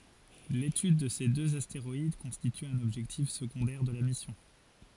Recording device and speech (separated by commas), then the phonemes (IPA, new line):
forehead accelerometer, read sentence
letyd də se døz asteʁɔid kɔ̃stity œ̃n ɔbʒɛktif səɡɔ̃dɛʁ də la misjɔ̃